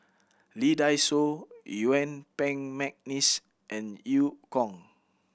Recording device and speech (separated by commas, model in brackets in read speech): boundary microphone (BM630), read sentence